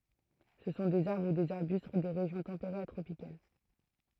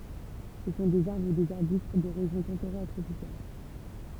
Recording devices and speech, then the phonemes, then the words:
throat microphone, temple vibration pickup, read sentence
sə sɔ̃ dez aʁbʁ u dez aʁbyst de ʁeʒjɔ̃ tɑ̃peʁez a tʁopikal
Ce sont des arbres ou des arbustes des régions tempérées à tropicales.

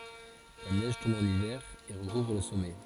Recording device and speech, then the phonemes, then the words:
forehead accelerometer, read sentence
la nɛʒ tɔ̃b ɑ̃n ivɛʁ e ʁəkuvʁ lə sɔmɛ
La neige tombe en hiver et recouvre le sommet.

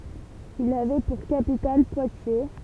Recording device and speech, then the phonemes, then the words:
temple vibration pickup, read sentence
il avɛ puʁ kapital pwatje
Il avait pour capitale Poitiers.

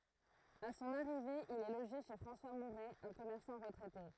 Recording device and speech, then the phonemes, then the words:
throat microphone, read sentence
a sɔ̃n aʁive il ɛ loʒe ʃe fʁɑ̃swa muʁɛ œ̃ kɔmɛʁsɑ̃ ʁətʁɛte
À son arrivée, il est logé chez François Mouret, un commerçant retraité.

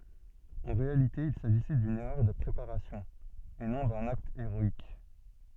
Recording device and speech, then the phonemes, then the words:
soft in-ear microphone, read sentence
ɑ̃ ʁealite il saʒisɛ dyn ɛʁœʁ də pʁepaʁasjɔ̃ e nɔ̃ dœ̃n akt eʁɔik
En réalité il s’agissait d’une erreur de préparation et non d’un acte héroïque.

